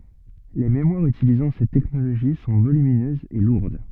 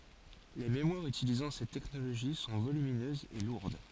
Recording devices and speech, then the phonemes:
soft in-ear microphone, forehead accelerometer, read sentence
le memwaʁz ytilizɑ̃ sɛt tɛknoloʒi sɔ̃ volyminøzz e luʁd

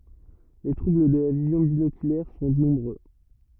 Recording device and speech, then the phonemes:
rigid in-ear microphone, read sentence
le tʁubl də la vizjɔ̃ binokylɛʁ sɔ̃ nɔ̃bʁø

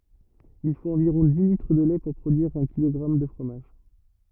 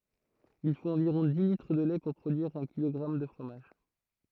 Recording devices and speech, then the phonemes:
rigid in-ear microphone, throat microphone, read sentence
il fot ɑ̃viʁɔ̃ di litʁ də lɛ puʁ pʁodyiʁ œ̃ kilɔɡʁam də fʁomaʒ

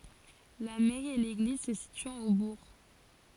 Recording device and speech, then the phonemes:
forehead accelerometer, read sentence
la mɛʁi e leɡliz sə sityɑ̃t o buʁ

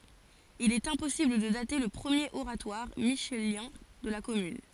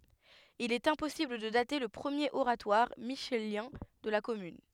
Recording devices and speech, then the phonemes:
forehead accelerometer, headset microphone, read sentence
il ɛt ɛ̃pɔsibl də date lə pʁəmjeʁ oʁatwaʁ miʃeljɛ̃ də la kɔmyn

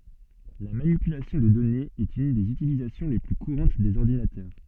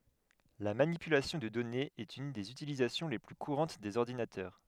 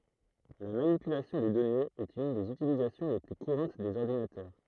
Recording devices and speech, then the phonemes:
soft in-ear microphone, headset microphone, throat microphone, read sentence
la manipylasjɔ̃ də dɔnez ɛt yn dez ytilizasjɔ̃ le ply kuʁɑ̃t dez ɔʁdinatœʁ

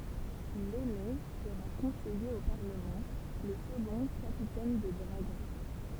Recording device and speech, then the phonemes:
temple vibration pickup, read sentence
lɛne səʁa kɔ̃sɛje o paʁləmɑ̃ lə səɡɔ̃ kapitɛn də dʁaɡɔ̃

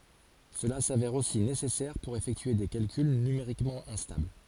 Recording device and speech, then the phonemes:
forehead accelerometer, read sentence
səla savɛʁ osi nesɛsɛʁ puʁ efɛktye de kalkyl nymeʁikmɑ̃ ɛ̃stabl

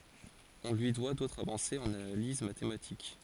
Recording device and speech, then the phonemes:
forehead accelerometer, read sentence
ɔ̃ lyi dwa dotʁz avɑ̃sez ɑ̃n analiz matematik

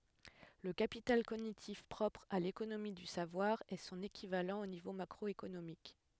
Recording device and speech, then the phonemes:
headset microphone, read sentence
lə kapital koɲitif pʁɔpʁ a lekonomi dy savwaʁ ɛ sɔ̃n ekivalɑ̃ o nivo makʁɔekonomik

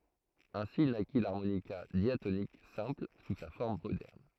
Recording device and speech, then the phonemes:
throat microphone, read sentence
ɛ̃si naki laʁmonika djatonik sɛ̃pl su sa fɔʁm modɛʁn

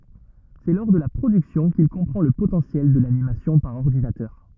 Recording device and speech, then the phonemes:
rigid in-ear microphone, read sentence
sɛ lɔʁ də la pʁodyksjɔ̃ kil kɔ̃pʁɑ̃ lə potɑ̃sjɛl də lanimasjɔ̃ paʁ ɔʁdinatœʁ

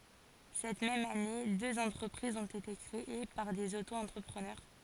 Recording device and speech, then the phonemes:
forehead accelerometer, read sentence
sɛt mɛm ane døz ɑ̃tʁəpʁizz ɔ̃t ete kʁee paʁ dez oto ɑ̃tʁəpʁənœʁ

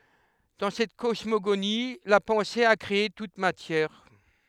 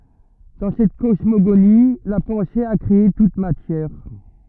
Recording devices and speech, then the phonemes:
headset microphone, rigid in-ear microphone, read sentence
dɑ̃ sɛt kɔsmoɡoni la pɑ̃se a kʁee tut matjɛʁ

